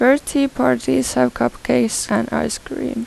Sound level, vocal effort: 83 dB SPL, soft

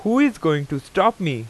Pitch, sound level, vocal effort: 160 Hz, 90 dB SPL, very loud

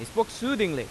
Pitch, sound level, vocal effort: 205 Hz, 93 dB SPL, very loud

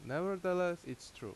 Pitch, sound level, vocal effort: 180 Hz, 86 dB SPL, loud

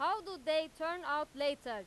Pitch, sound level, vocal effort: 305 Hz, 100 dB SPL, very loud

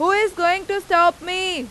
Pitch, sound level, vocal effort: 360 Hz, 98 dB SPL, very loud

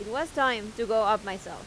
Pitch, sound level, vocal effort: 220 Hz, 91 dB SPL, loud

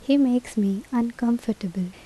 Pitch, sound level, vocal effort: 235 Hz, 78 dB SPL, normal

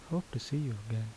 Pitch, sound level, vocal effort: 125 Hz, 73 dB SPL, soft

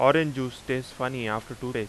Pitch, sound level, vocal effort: 125 Hz, 89 dB SPL, loud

